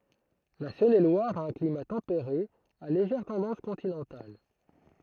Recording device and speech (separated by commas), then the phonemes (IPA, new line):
throat microphone, read sentence
la sɔ̃nelwaʁ a œ̃ klima tɑ̃peʁe a leʒɛʁ tɑ̃dɑ̃s kɔ̃tinɑ̃tal